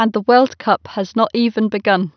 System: none